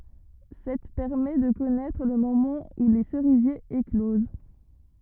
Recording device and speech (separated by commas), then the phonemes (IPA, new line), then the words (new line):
rigid in-ear microphone, read sentence
sɛt pɛʁmɛ də kɔnɛtʁ lə momɑ̃ u le səʁizjez ekloz
Cette permet de connaître le moment où les cerisiers éclosent.